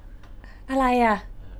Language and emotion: Thai, neutral